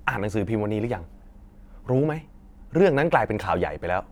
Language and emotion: Thai, frustrated